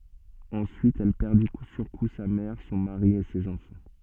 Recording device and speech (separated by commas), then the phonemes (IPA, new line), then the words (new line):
soft in-ear microphone, read sentence
ɑ̃syit ɛl pɛʁdi ku syʁ ku sa mɛʁ sɔ̃ maʁi e sez ɑ̃fɑ̃
Ensuite elle perdit coup sur coup sa mère, son mari et ses enfants.